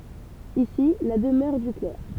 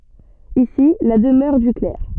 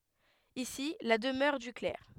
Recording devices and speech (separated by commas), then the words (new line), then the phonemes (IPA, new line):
temple vibration pickup, soft in-ear microphone, headset microphone, read sentence
Ici la demeure du clerc.
isi la dəmœʁ dy klɛʁ